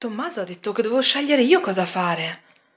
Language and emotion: Italian, surprised